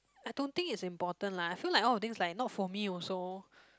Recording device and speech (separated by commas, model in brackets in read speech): close-talking microphone, conversation in the same room